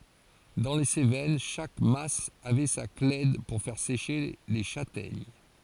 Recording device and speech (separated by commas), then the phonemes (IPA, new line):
forehead accelerometer, read sentence
dɑ̃ le sevɛn ʃak mas avɛ sa klɛd puʁ fɛʁ seʃe le ʃatɛɲ